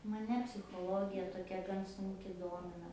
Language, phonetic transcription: Lithuanian, maˈne psichoˈlogija toˈkia gan sunˈki ˈdomina

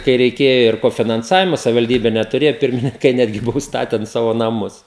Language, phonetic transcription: Lithuanian, kai reiˈkėjo ir kofinanˈsavimo savivalˈdybe netuˈrėjo ˈpirmininkai ˈnetgi ˈbuvo užsˈtaten ˈsavo naˈmus

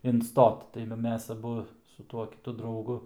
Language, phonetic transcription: Lithuanian, inˈstot tai va ˈmes aˈbu su ˈtuo kiˈtu drauˈgu

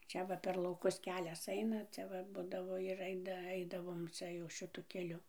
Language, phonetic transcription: Lithuanian, ˈčia va per lauˈkus ˈkelias ˈaina ˈcia va ˈbudavo ir ˈaida ˈaidavom ˈcia jau šɨˈtu keˈliu

